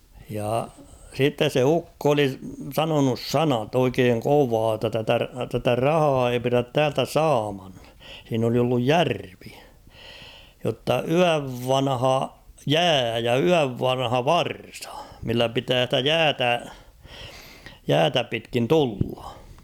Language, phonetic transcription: Finnish, ja 'sittes se "ukko oli "sanonus "sanat ‿oikeeŋ 'kovaa ‿tta tätä , tätä "rahaa ei pirät 'täältä "saaman , h̬iin ‿oli olluj "järvi , jotta "yäv "vanha "jää ja "yäv "vanha "varsa , millä 'pitää stä "jäätä , "jäätä pitkin "tullᴀ .
- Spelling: ja sitten se ukko oli sanonut sanat oikein kovaa jotta tätä tätä rahaa ei pidä täältä saaman siinä oli ollut järvi jotta yön vanha jää ja yön vanha varsa millä pitää sitä jäätä jäätä pitkin tulla

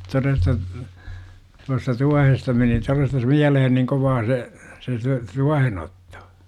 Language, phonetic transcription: Finnish, 'toresta , tuasta "tuahesta meni 'torestas "miälehen niŋ 'kovaa se , se se "tuahe'n ‿ottO .
- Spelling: todesta tuosta tuohesta meni todesta mieleen niin kovaa se se se tuohen otto

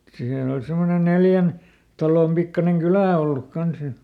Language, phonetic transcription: Finnish, ˈsiinä ol ˈsemmone ˈneljän , ˈtalòm ˈpikkaneŋ "kylä̀ olluk ˈkans ja .
- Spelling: siinä oli semmoinen neljän talon pikkuinen kylä ollut kanssa ja

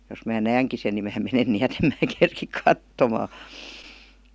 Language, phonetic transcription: Finnish, jos mää "nääŋki sen ni mää 'menen ni₍ät ‿em mää kerkik "kattomaa .
- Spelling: jos minä näenkin sen niin minä menen niin että en minä kerkiä katsomaan

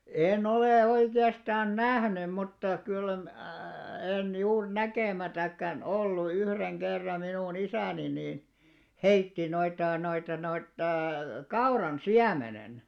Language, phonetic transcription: Finnish, 'ee'n olè 'oike₍astaan "nähnym mutta , kyl mä̂+ en 'juur 'näkèmätäkkän "ollu 'yhreŋ 'kerra minu'n ‿isä̀ni nìn , "heitti noita noita noita , 'kauran "siämenen .
- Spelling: en ole oikeastaan nähnyt mutta kyllä minä en juuri näkemättäkään ollut yhden kerran minun isäni niin heitti noita noita noita kauran siemenen

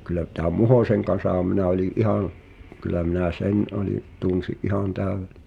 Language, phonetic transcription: Finnish, kyl̆lä , tääᵐ "Muhòseŋ kan̬saham minä oĺi’ "’ihàn̬ , kyl̆lä minä "sen ’oli’ , 'tunsi’ "’ihan 'tä̀övel[lee] .
- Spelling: kyllä tämän Muhosen kanssahan minä olin ihan kyllä minä sen olin tunsin ihan täydelleen

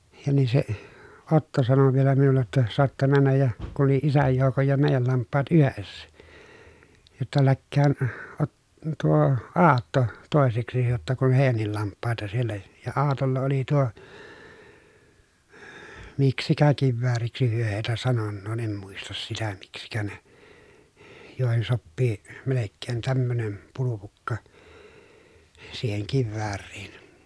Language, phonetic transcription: Finnish, ja nii se , Otto sano vielä minulle ‿tta » soatta männäj ja » , kun̬ oli isäj joukoj ja mèijäl lamppaat yhessä , » jotta läkkään Ot- , tuo , Aatto , tòeseksi jotta kun hèi̮jännil lamppàeta siellä » , ja Aatolla oli tuo , miksikä kivvääriksi hyö hèitä sanonnoo em muistas sitä miksikä ne , jòehen soppii , melekkeen tämmönem , pulupukka , siiheŋ kivväärriin .
- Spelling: ja niin se Otto sanoi vielä minulle jotta saatte mennä ja kun oli isän joukon ja meidän lampaat yhdessä jotta lähteköön - tuo Aatto toiseksi jotta kun heidänkin lampaita siellä ja Aatolla oli tuo miksikä kivääriksi he heitä sanonee en muista sitä miksikä ne joihin sopii melkein tämmöinen pulpukka siihen kivääriin

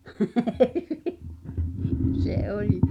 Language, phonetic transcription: Finnish, se "oĺi .
- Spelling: se oli

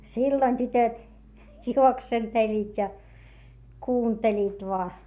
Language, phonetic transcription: Finnish, silloⁱn tytöt , juoksenteĺĺiit́ ja , kuunteĺiit voa .
- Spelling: silloin tytöt juoksentelivat ja kuuntelivat vain

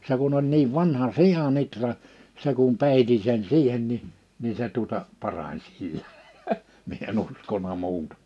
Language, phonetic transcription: Finnish, se kun ‿oĺ niiv 'vanha "sija'n ‿itra , se kum 'pèiti(n) sen 'siihen ni , ni se tuᴏta , 'parań sillᴀ̈ , mie e'n ‿uskona 'mu̬utᴀ .
- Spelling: se kun oli niin vanha sian ihra se kun peitin sen siihen niin niin se tuota parani sillä minä en uskonut muuta

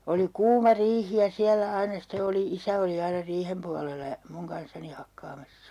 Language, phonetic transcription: Finnish, oli "kuuma 'riihi ja 'siällä 'aina ste oli , 'isä oli 'aina "riihem pualela ja , 'muŋ kanssani 'hakkaamassA .
- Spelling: oli kuuma riihi ja siellä aina sitten oli isä oli aina riihen puolella ja minun kanssani hakkaamassa

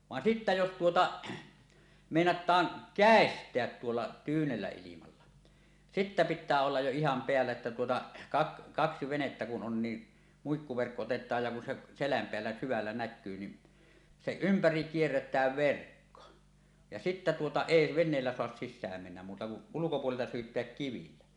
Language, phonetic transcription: Finnish, van "sittä 'jos 'tuota , 'mèinat̀aan , "kä̀est̀eät tuolla tyynellä ilimalla , "sittä "pittää 'ollaj jo iham peällä että tuota , kak- 'kaksi 'venettä kun 'on ni 'muikkuverkko 'otet̀aaj ja kun 'se , 'seläm peällä syvällä "näkkyy ni , 'seˀ "ˀympäri̳ 'kierret̀ääv 'verkko , ja sittä tuota , "èi 'ven̆neellä soas siśsääm mennäm muuta kuˀ , 'ulukopuolelta 'syyt̀eäk 'kivillä .
- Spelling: vaan sitten jos tuota meinataan käestää tuolla tyynellä ilmalla sitten pitää olla jo ihan päällä että tuota - kaksi venettä kun on niin muikkuverkko otetaan ja kun se selän päällä syvällä näkyy niin sen ympäri kierretään verkko ja sitten tuota ei veneellä saa sisään mennä muuta kuin ulkopuolelta syytää kivillä

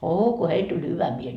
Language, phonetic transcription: Finnish, 'oo ko "heil tuĺ 'hyvä 'miel .
- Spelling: oo kun heille tuli hyvä mieli

